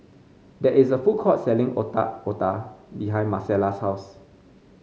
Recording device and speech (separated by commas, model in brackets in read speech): mobile phone (Samsung C5), read sentence